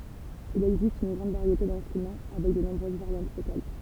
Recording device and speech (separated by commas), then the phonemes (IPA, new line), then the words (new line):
temple vibration pickup, read sentence
il ɛɡzist yn ɡʁɑ̃d vaʁjete dɛ̃stʁymɑ̃ avɛk də nɔ̃bʁøz vaʁjɑ̃t lokal
Il existe une grande variété d'instruments, avec de nombreuses variantes locales.